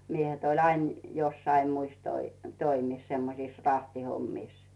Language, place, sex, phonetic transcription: Finnish, Rautu, female, miehet ‿oĺ 'ain , jossai muis 'toi- , 'toimis , 'semmosìs "rahti'hommìs .
- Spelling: miehet oli aina jossakin muissa - toimissa semmoisissa rahtihommissa

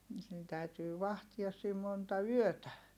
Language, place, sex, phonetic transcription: Finnish, Heinola, female, (nii) täytyy vahtias siim monta yötä .
- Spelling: niitä täytyy vahtia siinä monta yötä

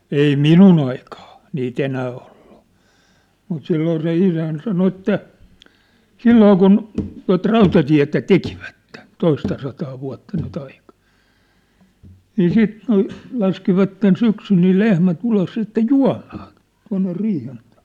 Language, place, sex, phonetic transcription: Finnish, Sippola, male, 'ei "minun ‿aikaa , nii't ‿enää olʟᴜ , mut 'silloo se 'isän 'sano 'että , "silloo kun , tua̭t "rautatiä̭tä "tekivätte , 'toistasataa vua̭tta nyt ‿aika̭ , 'nii 'siit , l̥- , 'laskivatten 'syksyl nii "lehmä't ‿ulos sitte "jua̭maaṋ , tuaṋne 'riihen tᴀᴀ .
- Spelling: ei minun aikaa niitä enää ollut mutta silloin se isäni sanoi että silloin kun tuota rautatietä tekivät toistasataa vuotta nyt aika niin siitä - laskivat syksyllä niin lehmät ulos sitten juomaan tuonne riihen taakse

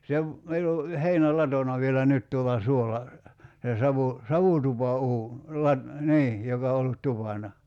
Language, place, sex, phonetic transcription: Finnish, Kerimäki, male, 'se ‿v- , 'meill ‿o , 'heinä"latona vielä 'nyt tuol̆la 'suola , se 'savu- , "savutupa₍uun , 'lat- , "nii , 'joka o ollut 'tupana .
- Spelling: se - meillä on heinälatona vielä nyt tuolla suolla se - savutupauuni - niin joka on ollut tupana

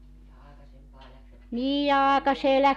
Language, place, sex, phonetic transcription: Finnish, Joutsa, female, ja 'àekasempaa läksvät 'töihij ja ,.
- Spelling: ja aikaisempaan lähtivät töihin ja

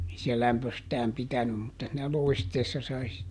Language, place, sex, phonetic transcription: Finnish, Juupajoki, male, ei se ˈlämpöstääm ˈpitänym mutta siinä ˈlòi̮steessa sai si(tte) .
- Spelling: ei se lämpöistään pitänyt mutta siinä loisteessa sai sitten

